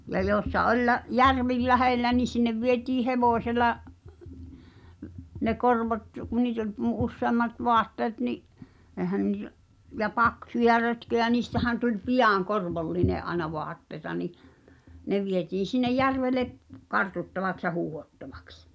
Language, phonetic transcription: Finnish, ja 'jooᵉssa ’oĺ lä- , "järvi 'lähellä ni sinnev 'vietii "hevòśela , ne 'korvot , ku niit ‿oĺ mu- 'usseammat 'voatteet ni’ , (ehän niitä) , ja 'paksuja rötköjä niistähän tuĺ "pijàŋ 'korvolline’ ’aena 'voatteĭta ni , 'ne vietiin̬ sinneʲ "järvele’ , 'kartuttavaks ja 'huuhottavᴀks .
- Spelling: ja joessa oli - järvi lähellä niin sinne vietiin hevosella ne korvot kun niitä oli - useammat vaatteet niin eihän niitä ja paksuja rötköjä niistähän tuli pian korvollinen aina vaatteita niin ne vietiin sinne järvelle kartuttavaksi ja huuhdottaviksi

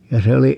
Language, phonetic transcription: Finnish, ja 'se oli , .
- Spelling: ja se oli

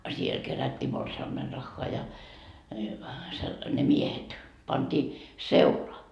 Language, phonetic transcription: Finnish, 'siel kerät́t́ii 'morsi₍ammenraχχoa ja , se , ne "miehet , 'panDii , "seula .
- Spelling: siellä kerättiin morsiamenrahaa ja se ne miehet pantiin seula

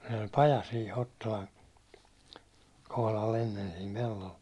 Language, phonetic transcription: Finnish, sen ‿oĺ "paja sii 'Hottolan , kohlal ‿ennen siim 'pellol ,.
- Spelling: sen oli paja siinä Hottolan kohdalla ennen siinä pellolla

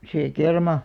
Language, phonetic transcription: Finnish, 'see "kerma ,.
- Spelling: se kerma

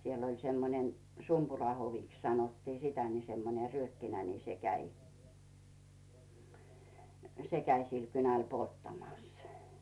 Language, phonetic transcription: Finnish, siel oĺ semmonen 'Sumpurahoviks sanottii "sitä ni semmone 'ryökkinä ni 'se 'käi , "se käi sil 'kynäl 'polttamàs .
- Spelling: siellä oli semmoinen Sumpurahoviksi sanottiin sitä niin semmoinen ryökkinä niin se kävi se kävi sillä kynällä polttamassa

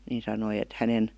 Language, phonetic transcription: Finnish, nin sanoi et 'hänen » ,.
- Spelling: niin sanoi että hänen

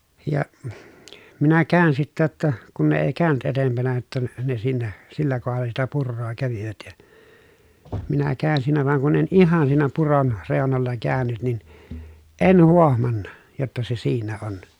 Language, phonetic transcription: Finnish, ja , minä kä̀ön sittä ʲotta , kun ne èi kä̀y̬nʸt etempänä jotta n- ne siinä , sillä kohalla sitä purroo kävivät ja , minä kään siinä vaŋ kun en ihan siinä puron , rèonolla käänyt nin , en huohmanna , jotta se siinä on .
- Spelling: ja minä kävin sitten jotta kun ne ei käynyt edempänä jotta - ne siinä sillä kohdalla sitä puroa kävivät ja minä kävin siinä vaan kun en ihan siinä puron reunoilla käynyt niin en huomannut jotta se siinä on

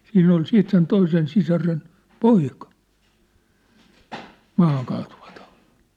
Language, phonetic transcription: Finnish, 'siinn ‿ol 'siit sen 'toisen 'sisaren , "poika , 'maahaŋkaatuvatᴀᴜtɪ .
- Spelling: siinä oli siitä sen toisen sisaren poika maahankaatuvatauti

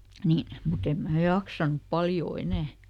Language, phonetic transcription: Finnish, ˈniin , muˈt ‿em mää "jaksanup ˈpaljoo ˈenä̀ .
- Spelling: niin mutta en minä jaksanut paljon enää

